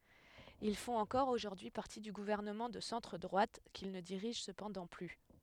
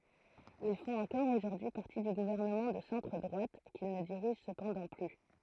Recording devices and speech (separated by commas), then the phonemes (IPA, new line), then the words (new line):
headset microphone, throat microphone, read sentence
il fɔ̃t ɑ̃kɔʁ oʒuʁdyi paʁti dy ɡuvɛʁnəmɑ̃ də sɑ̃tʁ dʁwat kil nə diʁiʒ səpɑ̃dɑ̃ ply
Ils font encore aujourd'hui partie du gouvernement de centre-droite, qu'ils ne dirigent cependant plus.